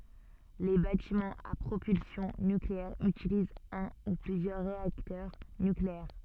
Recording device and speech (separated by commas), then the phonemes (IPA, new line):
soft in-ear microphone, read sentence
le batimɑ̃z a pʁopylsjɔ̃ nykleɛʁ ytilizt œ̃ u plyzjœʁ ʁeaktœʁ nykleɛʁ